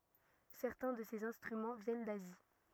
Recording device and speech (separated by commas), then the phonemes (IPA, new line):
rigid in-ear microphone, read sentence
sɛʁtɛ̃ də sez ɛ̃stʁymɑ̃ vjɛn dazi